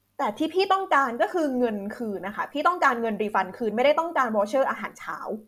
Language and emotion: Thai, angry